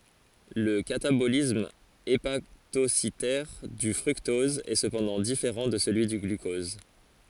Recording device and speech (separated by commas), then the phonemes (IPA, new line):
forehead accelerometer, read sentence
lə katabolism epatositɛʁ dy fʁyktɔz ɛ səpɑ̃dɑ̃ difeʁɑ̃ də səlyi dy ɡlykɔz